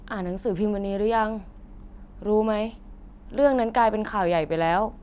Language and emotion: Thai, neutral